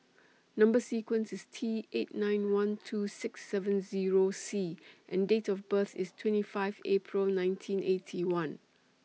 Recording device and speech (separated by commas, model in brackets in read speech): mobile phone (iPhone 6), read sentence